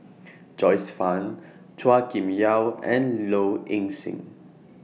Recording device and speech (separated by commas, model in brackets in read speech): mobile phone (iPhone 6), read sentence